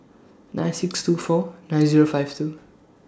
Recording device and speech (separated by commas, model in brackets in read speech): standing microphone (AKG C214), read sentence